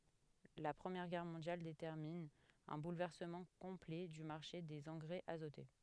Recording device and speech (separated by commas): headset microphone, read sentence